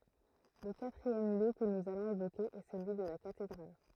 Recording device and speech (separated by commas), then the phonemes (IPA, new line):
throat microphone, read sentence
lə katʁiɛm ljø kə nuz alɔ̃z evoke ɛ səlyi də la katedʁal